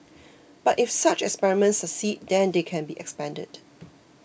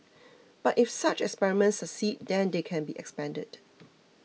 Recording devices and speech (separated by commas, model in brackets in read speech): boundary microphone (BM630), mobile phone (iPhone 6), read sentence